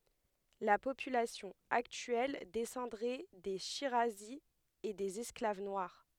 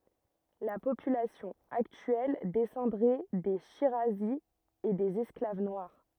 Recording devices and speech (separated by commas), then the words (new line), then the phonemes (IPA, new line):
headset microphone, rigid in-ear microphone, read sentence
La population actuelle descendrait des shirazis et des esclaves noirs.
la popylasjɔ̃ aktyɛl dɛsɑ̃dʁɛ de ʃiʁazi e dez ɛsklav nwaʁ